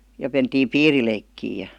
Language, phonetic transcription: Finnish, ja 'mentiim "piirileikkii ja .
- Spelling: ja mentiin piirileikkiä ja

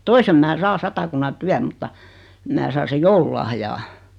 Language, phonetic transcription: Finnish, 'toisem mää 'saa 'Satakunna 'Tyäm mutta , 'mä saa 'sej "joululahjaa .
- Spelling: toisen minä saan Satakunnan Työn mutta minä saan sen joululahjaa

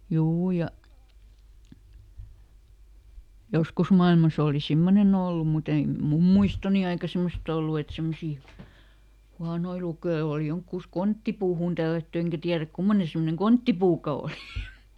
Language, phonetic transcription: Finnish, ˈjuu ja , ˈjoskus mailmas ‿òli "simmonen ‿ollum muˈt ‿ei "mum muistoni aika ˈsemost ‿ollu et ˈsemmosii , ˈhuanoi luke₍oo oli ˈjoŋkkùs "konttipuuhùn tällätty ˈeŋkä tiäräk ˈkummone semmoneŋ "konttipuuka ˈòli .
- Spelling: juu ja joskus maailmassa oli semmoinen ollut mutta ei minun muistoni aikana semmoista ollut että semmoisia huonoja lukijoita oli jonhokin konttipuuhun tällätty enkä tiedä kummoinen semmoinen konttipuukaan oli

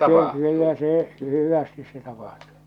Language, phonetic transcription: Finnish, no 'kyllä se , 'hyvästis se tapahtᴜᴜ .
- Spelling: no kyllä se hyvästi se tapahtuu

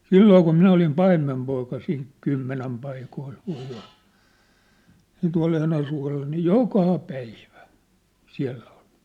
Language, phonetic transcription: Finnish, 'silloo kum 'minä olim 'paimmempoika siin , 'kymmenäm paikoil , (voip ‿olla) , ja̭ tua̭'l ‿Enäsua̭lla nii "jokà 'päivä , 'siä̭ll ‿oʟ .
- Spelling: silloin kun minä olin paimenpoika siinä kymmenen paikoilla voi olla ja tuolla Enäsuolla niin joka päivä siellä oli

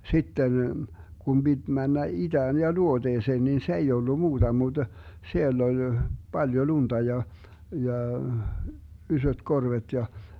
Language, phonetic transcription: Finnish, 'sitten , 'Gum 'biD 'männä 'iDään ja 'luoDeeseen nin 'se ei ollu 'muuDa muD , 'siell ‿oĺ , 'Baljo "lunta 'ja , 'ja , 'ysöt "korvet ja ,.
- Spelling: sitten kun piti mennä itään ja luoteeseen niin se ei ollut muuta mutta siellä oli paljon lunta ja ja isot korvet ja

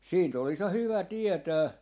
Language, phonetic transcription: Finnish, 'siint ‿olis ja 'hyvä 'tietää , .
- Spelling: siitä olisi ja hyvä tietää

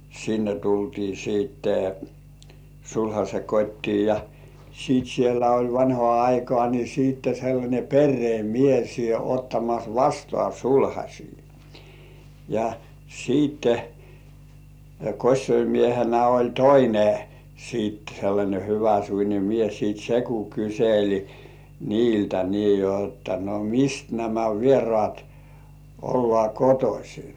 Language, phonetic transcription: Finnish, sinne tultii siitte 'sulhaśe "kot́tii ja , siit siellä oĺ 'vanhŏà aikŏà ni siitte sellańe 'perree "mies 'ottamas "vastŏ§à "sulhaśii , ja , 'siitte 'kośsoimiehenä oĺ "toine , siit sellańe "hyväsuine 'mies siit se ku 'kysel̜i 'niiltä nii jotta no mi- "mist nämä 'vierŏàt , ollŏà "kotosi .
- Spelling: sinne tultiin sitten sulhasen kotiin ja sitten siellä oli vanhaan aikaan niin sitten sellainen perheen mies ottamassa vastaan sulhasia ja sitten kosiomiehenä oli toinen sitten sellainen hyväsuinen mies sitten se kun kyseli niiltä niin jotta no - mistä nämä vieraat ollaan kotoisin

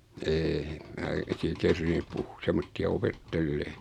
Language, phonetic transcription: Finnish, 'eeh 'mää sii 'kerrinnyp puh- 'semmotti₍a 'opet-tellee .
- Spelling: en minä siinä kerinnyt - semmoisia opettelemaan

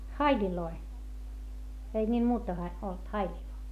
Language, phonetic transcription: Finnish, haiĺiloi , ei ńiil muuta ha- , olt haiĺilᵒⁱ .
- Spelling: haileja ei niillä muuta - ollut haileja

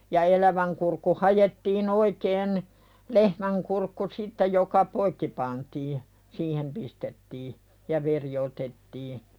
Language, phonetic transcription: Finnish, ja 'eläväŋ kurkku 'hajettii"n ‿oikeen , 'lehmäŋ kurkku sitte joka "poikki pantii , "siihem pistettii , ja 'veri otettii .
- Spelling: ja elävän kurkku haettiin oikein lehmän kurkku sitten joka poikki pantiin siihen pistettiin ja veri otettiin

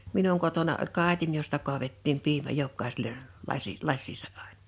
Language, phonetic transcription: Finnish, 'minuŋ kotona 'oĺ 'kàitin josta kuavettiim 'piimä 'jokkàisele , 'lasi , 'laś̆siisa 'àɪɴ(ᴀ) .
- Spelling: minun kotona oli kaadin josta kaadettiin piimä jokaiselle lasi lasiinsa aina

